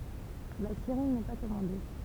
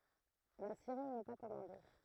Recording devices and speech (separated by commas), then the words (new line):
temple vibration pickup, throat microphone, read sentence
La série n'est pas commandée.